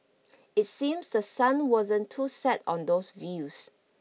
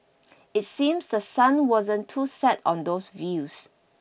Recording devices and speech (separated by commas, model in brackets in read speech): mobile phone (iPhone 6), boundary microphone (BM630), read sentence